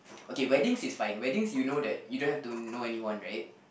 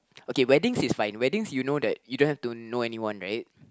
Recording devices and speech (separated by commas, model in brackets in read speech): boundary microphone, close-talking microphone, conversation in the same room